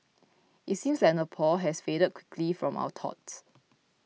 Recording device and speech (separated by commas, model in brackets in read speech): mobile phone (iPhone 6), read sentence